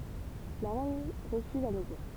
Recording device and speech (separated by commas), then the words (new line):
temple vibration pickup, read sentence
La reine refuse à nouveau.